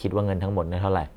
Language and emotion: Thai, frustrated